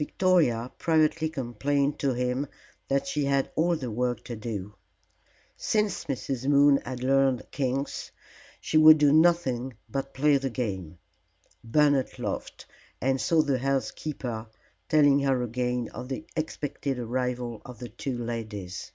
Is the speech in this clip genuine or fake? genuine